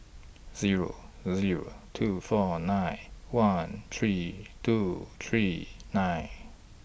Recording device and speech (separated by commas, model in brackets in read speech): boundary microphone (BM630), read sentence